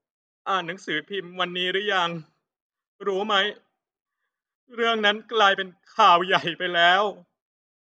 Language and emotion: Thai, sad